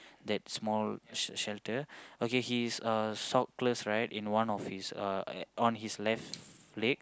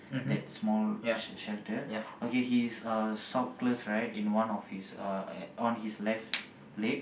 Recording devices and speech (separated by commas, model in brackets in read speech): close-talking microphone, boundary microphone, conversation in the same room